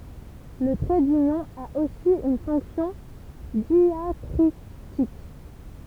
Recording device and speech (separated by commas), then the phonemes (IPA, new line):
temple vibration pickup, read sentence
lə tʁɛ dynjɔ̃ a osi yn fɔ̃ksjɔ̃ djakʁitik